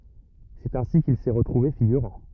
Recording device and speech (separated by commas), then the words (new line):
rigid in-ear microphone, read sentence
C'est ainsi qu'il s'est retrouvé figurant.